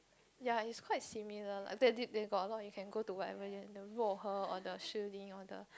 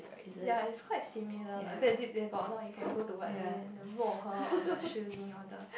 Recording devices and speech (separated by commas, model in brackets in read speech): close-talking microphone, boundary microphone, conversation in the same room